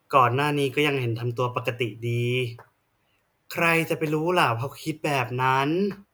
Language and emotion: Thai, frustrated